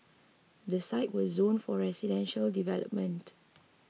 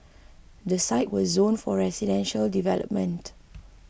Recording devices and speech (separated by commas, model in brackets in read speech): mobile phone (iPhone 6), boundary microphone (BM630), read sentence